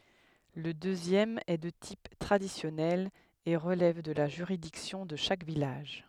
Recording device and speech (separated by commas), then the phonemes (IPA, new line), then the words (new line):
headset microphone, read sentence
lə døzjɛm ɛ də tip tʁadisjɔnɛl e ʁəlɛv də la ʒyʁidiksjɔ̃ də ʃak vilaʒ
Le deuxième est de type traditionnel et relève de la juridiction de chaque village.